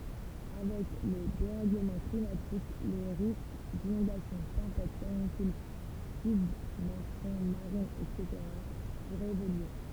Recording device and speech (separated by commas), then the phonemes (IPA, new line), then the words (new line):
temple vibration pickup, read sentence
avɛk lə deʁɛɡləmɑ̃ klimatik le ʁisk dinɔ̃dasjɔ̃ tɑ̃pɛt kanikyl sybmɛʁsjɔ̃ maʁin ɛtseteʁa puʁɛt evolye
Avec le dérèglement climatique, les risques d'inondations, tempêtes, canicules, submersion marine, etc. pourraient évoluer.